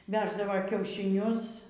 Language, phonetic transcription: Lithuanian, ˈveždava kiaušiˈnius

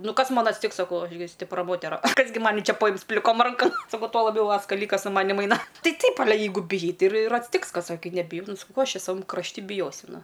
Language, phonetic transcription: Lithuanian, ˈnu ˈkas ˈman atsˈtiks saˈkau ˈaš gi stipˈra ˈmotera ˈkas gi ˈmani ˈčia paˈjims pliˈkom ˈrankam saˈkau tuo laˈbiau ˈva skaˈlykas su ˈmanim ˈaina ˈtai ˈtaip aˈle ˈjeigu biˈjai ˈtai ir ir atsˈtiks ˈkas o ˈkai nebiˈjau ˈnu saˈkau ˈko ˈaš ˈčia saˈvam krašˈti biˈjosiu ˈnu

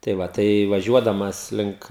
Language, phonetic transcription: Lithuanian, tai ˈva tai vaˈžiuodamas ˈlink

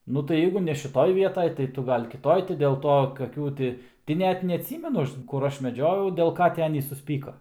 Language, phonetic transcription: Lithuanian, ˈnu tai ˈjeigu ne šiˈtoj ˈvietaj tai ˈtu ˈgal' kiˈtoj tai dėl ˈto kaˈkių ti tai ˈnet neatˈsymenu ˈaš kur ˈaš meˈdžiojau dėl ˈka ti ˈanys susˈpyko

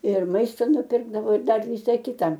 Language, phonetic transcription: Lithuanian, ir ˈmaista nuˈpirkdavo ir ˈdar ˈvisa ˈkita

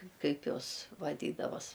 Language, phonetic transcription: Lithuanian, ˈkaip ˈjos vaˈdydavos

